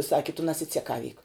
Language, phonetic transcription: Lithuanian, ˈsaki tu nasiceˈkavyk

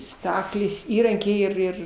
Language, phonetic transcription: Lithuanian, ˈstaklės ˈįrankiai ir ˈir

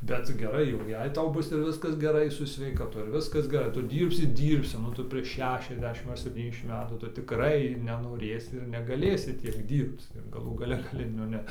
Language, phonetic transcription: Lithuanian, ˈbet cik geˈrai jau ˈjei ˈtau ˈbus ir ˈviskas geˈrai su sveikaˈtu ir ˈviskas geˈrai ˈtu ˈdyrbsi ˈdyrbsi nu ˈtu prieš ˈšešiasˌdešim ar sepˈtyniasˌdešim ˈmetų ˈtu tiˈkrai nenoˈrėsi ir negaˈlėsi ˈtiek ˈdyrbc ir gaˈlų gaˈle gaˈli nu ˈne

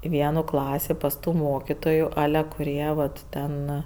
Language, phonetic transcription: Lithuanian, i ˈvienų ˈklasį pas ˈtų ˈmokytoju ˈale kuˈrie ˈvat ˈten

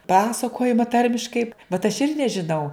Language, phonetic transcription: Lithuanian, ˈpasakojima ˈtarmiškai bet aš ˈir nežiˈnau

